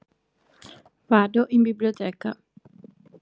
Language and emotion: Italian, neutral